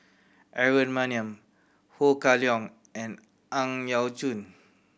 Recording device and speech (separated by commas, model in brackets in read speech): boundary microphone (BM630), read sentence